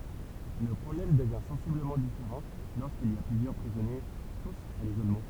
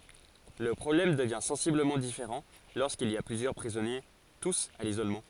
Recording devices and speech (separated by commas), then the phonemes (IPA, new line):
temple vibration pickup, forehead accelerometer, read sentence
lə pʁɔblɛm dəvjɛ̃ sɑ̃sibləmɑ̃ difeʁɑ̃ loʁskilz i a plyzjœʁ pʁizɔnje tus a lizolmɑ̃